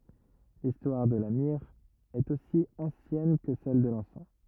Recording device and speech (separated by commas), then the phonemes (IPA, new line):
rigid in-ear microphone, read sentence
listwaʁ də la miʁ ɛt osi ɑ̃sjɛn kə sɛl də lɑ̃sɑ̃